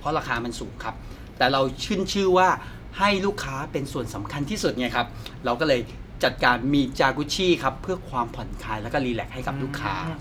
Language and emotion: Thai, happy